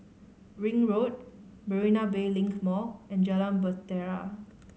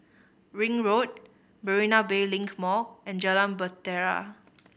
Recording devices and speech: mobile phone (Samsung C5010), boundary microphone (BM630), read sentence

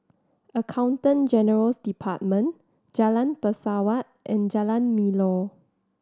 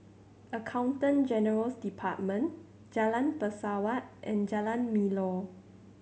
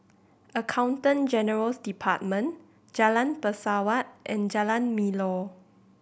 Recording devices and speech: standing microphone (AKG C214), mobile phone (Samsung C7100), boundary microphone (BM630), read sentence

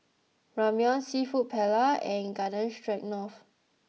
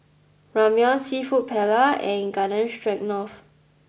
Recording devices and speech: mobile phone (iPhone 6), boundary microphone (BM630), read sentence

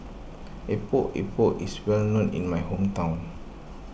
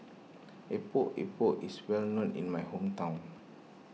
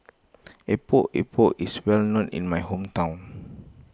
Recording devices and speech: boundary microphone (BM630), mobile phone (iPhone 6), close-talking microphone (WH20), read sentence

